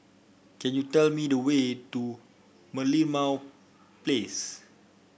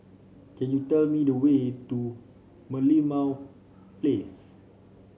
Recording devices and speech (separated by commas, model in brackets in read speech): boundary microphone (BM630), mobile phone (Samsung C5), read sentence